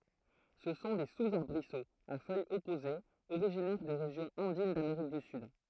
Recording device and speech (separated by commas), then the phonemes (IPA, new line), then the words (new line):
throat microphone, read sentence
sə sɔ̃ de suzaʁbʁisoz a fœjz ɔpozez oʁiʒinɛʁ de ʁeʒjɔ̃z ɑ̃din dameʁik dy syd
Ce sont des sous-arbrisseaux, à feuilles opposées originaires des régions andines d'Amérique du Sud.